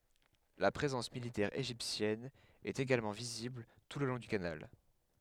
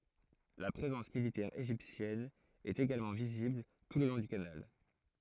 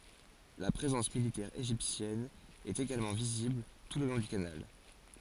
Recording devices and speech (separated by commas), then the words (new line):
headset microphone, throat microphone, forehead accelerometer, read sentence
La présence militaire égyptienne est également visible tout le long du canal.